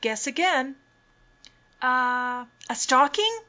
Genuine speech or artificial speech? genuine